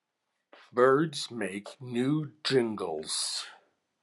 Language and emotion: English, angry